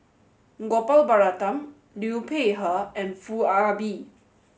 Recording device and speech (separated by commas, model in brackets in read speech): mobile phone (Samsung S8), read sentence